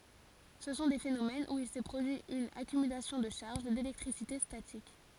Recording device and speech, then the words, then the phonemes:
forehead accelerometer, read sentence
Ce sont des phénomènes où il s’est produit une accumulation de charges, d’électricité statique.
sə sɔ̃ de fenomɛnz u il sɛ pʁodyi yn akymylasjɔ̃ də ʃaʁʒ delɛktʁisite statik

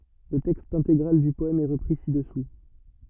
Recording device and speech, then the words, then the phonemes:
rigid in-ear microphone, read sentence
Le texte intégral du poème est repris ci-dessous.
lə tɛkst ɛ̃teɡʁal dy pɔɛm ɛ ʁəpʁi sidɛsu

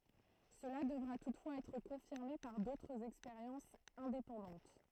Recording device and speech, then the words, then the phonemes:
throat microphone, read sentence
Cela devra toutefois être confirmé par d'autres expériences indépendantes.
səla dəvʁa tutfwaz ɛtʁ kɔ̃fiʁme paʁ dotʁz ɛkspeʁjɑ̃sz ɛ̃depɑ̃dɑ̃t

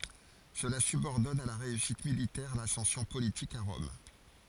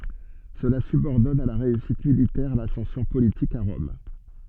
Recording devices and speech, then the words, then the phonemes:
forehead accelerometer, soft in-ear microphone, read sentence
Cela subordonne à la réussite militaire l'ascension politique à Rome.
səla sybɔʁdɔn a la ʁeysit militɛʁ lasɑ̃sjɔ̃ politik a ʁɔm

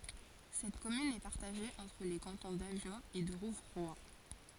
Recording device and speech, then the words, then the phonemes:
forehead accelerometer, read sentence
Cette commune est partagée entre les cantons d'Avion et de Rouvroy.
sɛt kɔmyn ɛ paʁtaʒe ɑ̃tʁ le kɑ̃tɔ̃ davjɔ̃ e də ʁuvʁwa

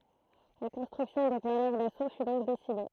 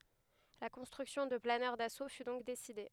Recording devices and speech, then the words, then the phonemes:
throat microphone, headset microphone, read sentence
La construction de planeurs d'assaut fut donc décidée.
la kɔ̃stʁyksjɔ̃ də planœʁ daso fy dɔ̃k deside

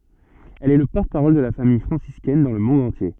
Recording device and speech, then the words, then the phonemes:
soft in-ear microphone, read sentence
Elle est le porte-parole de la Famille franciscaine dans le monde entier.
ɛl ɛ lə pɔʁtəpaʁɔl də la famij fʁɑ̃siskɛn dɑ̃ lə mɔ̃d ɑ̃tje

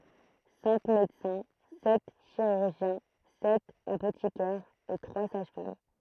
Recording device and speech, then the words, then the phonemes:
throat microphone, read sentence
Cinq médecins, sept chirurgiens, sept apothicaires et trois sages-femmes.
sɛ̃k medəsɛ̃ sɛt ʃiʁyʁʒjɛ̃ sɛt apotikɛʁz e tʁwa saʒ fam

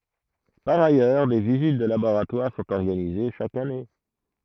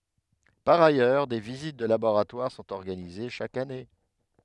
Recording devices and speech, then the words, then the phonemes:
throat microphone, headset microphone, read sentence
Par ailleurs, des visites de laboratoires sont organisées chaque année.
paʁ ajœʁ de vizit də laboʁatwaʁ sɔ̃t ɔʁɡanize ʃak ane

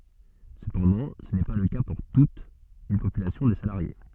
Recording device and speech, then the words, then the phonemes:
soft in-ear microphone, read sentence
Cependant, ce n'est pas le cas pour toute une population de salariés.
səpɑ̃dɑ̃ sə nɛ pa lə ka puʁ tut yn popylasjɔ̃ də salaʁje

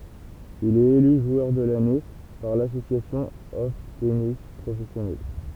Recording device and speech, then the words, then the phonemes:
temple vibration pickup, read sentence
Il est élu joueur de l'année par l'Association of Tennis Professionals.
il ɛt ely ʒwœʁ də lane paʁ lasosjasjɔ̃ ɔf tenis pʁofɛsjonals

